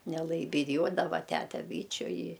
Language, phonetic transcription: Lithuanian, neˈlai biˈjuodava ˈtæte ˈbyčiu i

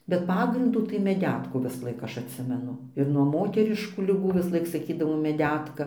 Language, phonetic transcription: Lithuanian, bet ˈpagrindų tai meˈdetkų visˈlaik ˈaš atˈsimenu ir nuo ˈmoteriškų liˈgų visˈlaik saˈkydavo meˈdetka

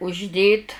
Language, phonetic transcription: Lithuanian, užˈdėt

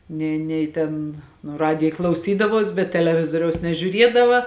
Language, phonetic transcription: Lithuanian, ˈnė ˈnei tėn nu ˈradija klauˈsydavuos bet teleˈvizoriaus nežiūˈriedava

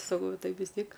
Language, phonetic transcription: Lithuanian, saˈkau ˈtai vis ˈtiek

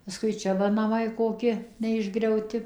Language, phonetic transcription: Lithuanian, paˈskui ˈčia va naˈmai koˈki neišgriauˈti

